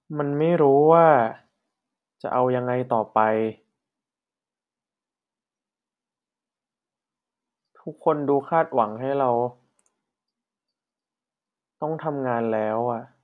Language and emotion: Thai, frustrated